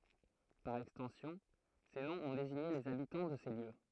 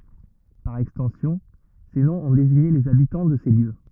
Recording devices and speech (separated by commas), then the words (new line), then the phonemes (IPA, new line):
throat microphone, rigid in-ear microphone, read sentence
Par extension, ces noms ont désigné les habitants de ces lieux.
paʁ ɛkstɑ̃sjɔ̃ se nɔ̃z ɔ̃ deziɲe lez abitɑ̃ də se ljø